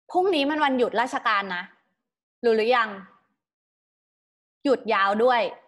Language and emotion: Thai, neutral